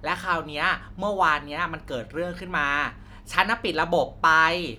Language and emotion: Thai, frustrated